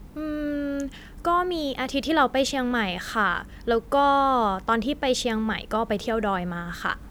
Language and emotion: Thai, neutral